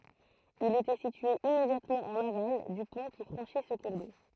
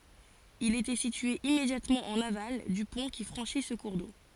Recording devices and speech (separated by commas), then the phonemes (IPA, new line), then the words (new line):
throat microphone, forehead accelerometer, read sentence
il etɛ sitye immedjatmɑ̃ ɑ̃n aval dy pɔ̃ ki fʁɑ̃ʃi sə kuʁ do
Il était situé immédiatement en aval du pont qui franchit ce cours d'eau.